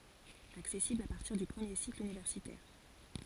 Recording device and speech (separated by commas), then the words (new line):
forehead accelerometer, read sentence
Accessibles à partir du premier cycle universitaire.